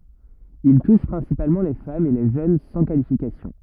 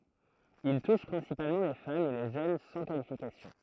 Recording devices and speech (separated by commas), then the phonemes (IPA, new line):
rigid in-ear microphone, throat microphone, read sentence
il tuʃ pʁɛ̃sipalmɑ̃ le famz e le ʒøn sɑ̃ kalifikasjɔ̃